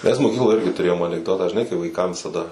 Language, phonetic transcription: Lithuanian, ˈmes moˈkykloj ˈirgi tuˈrėjom anikˈdotą žiˈnai kai vaiˈkam visaˈda

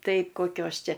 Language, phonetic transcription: Lithuanian, ˈtai koˈkios ˈčia

